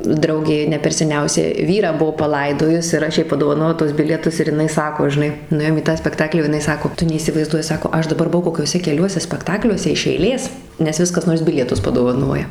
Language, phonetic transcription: Lithuanian, ˈdraugė ne per seˈniausia ˈvyrą ˈbuo paˈlaidojus ir ˈaš ˈjai padovaˈnojau tuos ˈbilietus ir jiˈnai ˈsako žiˈnai nuˈėjom į tą spekˈtaklį o jiˈnai ˈsako ˈtu neįsivaizˈduoji ˈsako ˈaš daˈbar buˈvau kokiuoˈse keˈliuose spekˈtakliuose iš eiˈlės nes ˈvis kas ˈnors ˈbilietus padovaˈnoja

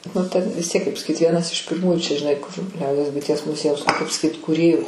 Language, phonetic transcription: Lithuanian, nu ten vis ˈtiek kaip saˈkyt ˈvienas iš pirˈmųjų čia žiˈnai kur ˈliaudies buiˈties muˈziejaus nu kaip saˈkyt kūˈrėju

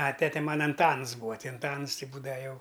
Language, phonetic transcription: Lithuanian, a ˈtete ˈmana anˈtans ˈbūa ˈti anˈtans ˈti ˈbūdava ˈjau

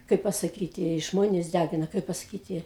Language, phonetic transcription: Lithuanian, ˈkaip pasaˈkyti ˈžmonės ˈdægina ˈkaip pasaˈkyti

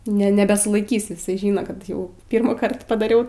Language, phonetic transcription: Lithuanian, ne ˈne nebesulaiˈkys iˈsai ˈžino kad ˈjau ˈpirmųˌkart padaˈriau

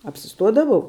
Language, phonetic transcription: Lithuanian, apsiˈstuodavau

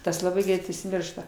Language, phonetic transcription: Lithuanian, ˈtas laˈbai ˈgreit užsiˈmiršta

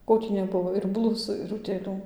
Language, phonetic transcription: Lithuanian, ˈko tį neˈbuvo ir ˈblusų ir utėˈlių

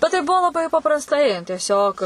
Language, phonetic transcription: Lithuanian, bet tai ˈbuo laˈbai paprasˈtai tieˈsiog

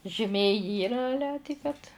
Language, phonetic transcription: Lithuanian, žiˈmė ˈyra aˈle ti kad

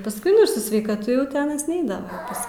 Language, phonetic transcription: Lithuanian, pasˈkui nu ir su sveikaˈtu jau ti ˈanas ˈneidava pas

